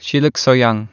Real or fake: real